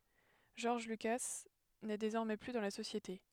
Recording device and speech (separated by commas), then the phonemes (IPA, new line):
headset microphone, read sentence
ʒɔʁʒ lyka nɛ dezɔʁmɛ ply dɑ̃ la sosjete